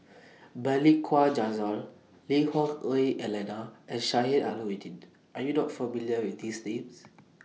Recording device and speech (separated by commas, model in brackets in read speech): mobile phone (iPhone 6), read sentence